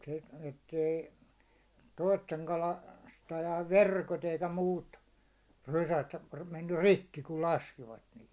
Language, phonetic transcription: Finnish, sit ettei , 'toisteŋ kala- -stajaiv "verkot eikä 'muut , 'rysät mennyr̆ "rikki kul 'laskivat niihi .
- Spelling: sitten että ei toisten - kalastajien verkot eikä muut rysät mennyt rikki kun laskivat niihin

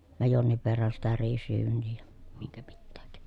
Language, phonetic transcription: Finnish, ja jonniv verran sitä riisryyn̆nii ja , miŋkä mittääk .
- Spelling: ja jonkin verran sitä riisiryyniä ja minkä mitäkin

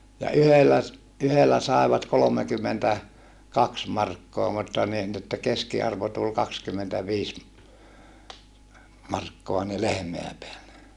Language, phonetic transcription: Finnish, ja yhellä ‿s- , yhellä sàevat kolomekymmentä , -kaks markkoa mutta nii ni että keski₍arvo tul kakskymmentäviis , markkoa ni lehmeä peälle .
- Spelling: ja yhdellä - yhdellä saivat - kolmekymmentäkaksi markkaa mutta niin niin että keskiarvo tuli kaksikymmentäviisi markkaa niin lehmää päälle

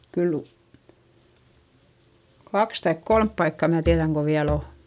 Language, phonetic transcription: Finnish, kyl , kaks taik kolmp paikka mä tiäδäŋ ko viäl ‿o .
- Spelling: kyllä kaksi tai kolme paikkaa minä tiedän kun vielä on

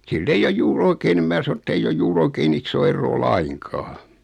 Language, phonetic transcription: Finnish, sil'i ‿eij ‿oj 'juu'r ‿oikee nⁱm 'mää sano etteij ‿oj 'juu'r ‿oikee'n ‿issoo erroo "laiŋkaa .
- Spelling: sillä ei ole juuri oikein niin minä sanon että ei ole juuri oikein isoa eroa lainkaan

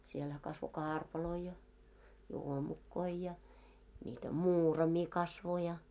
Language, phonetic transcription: Finnish, sielhä kasvo "kaarpaloi ja , 'juomukkoi ja ńiitä "muurami kasvo ja .
- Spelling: siellähän kasvoi karpaloita ja juomukoita ja niitä muuraimia kasvoi ja

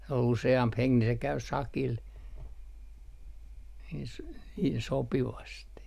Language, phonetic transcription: Finnish, ol 'use₍amp "heŋk ni se käy "sakil , s - niin 'sopivasti .
- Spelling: oli useampi henki niin se kävi sakilla - niin sopivasti

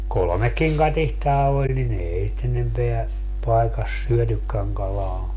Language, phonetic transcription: Finnish, "kolᵒmekkiŋ 'katihtaa 'oĺ ni'n ‿eei sit 'enempeä , 'paekas "syötykkäŋ kalaa .
- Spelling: kolmekin katiskaa oli niin ei sitä enempää paikassa syötykään kalaa

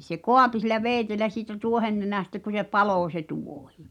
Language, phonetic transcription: Finnish, se "koapi sil̆lä 'veeⁱtelä siitä 'tuohennenä̀stä ku se "palò se "tuohɪ .
- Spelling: se kaapi sillä veitsellä siitä tuohennenästä kun se paloi se tuohi

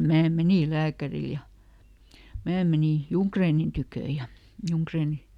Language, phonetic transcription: Finnish, ˈmää ˈmenì "lääkäril ja , ˈmää menì , "Juŋkreenin tykö̀ ja , ˈJuŋkreeniˡ .
- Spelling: minä menin lääkärille ja minä menin Junggrenin tykö ja Junggren

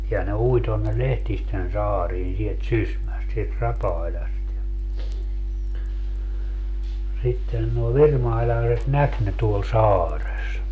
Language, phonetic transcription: Finnish, ja ne 'ui tonne "Lehtisten 'saariin sielt "Sysmäst sielt 'Rapàiĺast ja , sitten nuo "virmailaaset "näk ne tuol "saares .
- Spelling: ja ne ui tuonne Lehtisten saariin sieltä Sysmästä sieltä Rapailasta ja sitten nuo virmailaiset näki ne tuolla saaressa

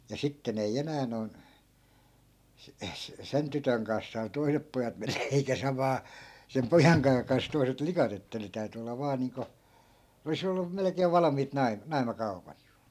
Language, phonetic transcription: Finnish, ja 'sitten ‿ei 'enää noi̮n , (se- , es-,) 'sen tytöŋ kans 'saanu "toi̮sep pojat 'men(nä) eikä 'samaa , 'sem "pojaŋkaa kans 'toi̮set "likat ‿että ne täyty olla 'vaa niiŋko , oli's ‿ollum̆ 'melᵉkeev̆ 'valamiit 'naim- , "nai̮makau̬pat .
- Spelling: ja sitten ei enää noin - - sen tytön kanssa saanut toiset pojat mennä eikä samaa sen pojankaan kanssa toiset likat että ne täytyi olla vain niin kuin olisi ollut melkein valmiit - naimakaupat

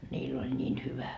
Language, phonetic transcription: Finnish, ńiill ‿oĺ ńiin 'hyvä .
- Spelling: niillä oli niin hyvä

